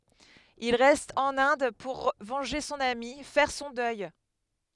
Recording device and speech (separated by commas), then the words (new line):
headset microphone, read sentence
Il reste en Inde pour venger son amie, faire son deuil.